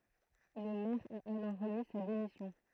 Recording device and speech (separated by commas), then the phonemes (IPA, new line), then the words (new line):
throat microphone, read sentence
lə mɛʁ a alɔʁ ʁəmi sa demisjɔ̃
Le maire a alors remis sa démission.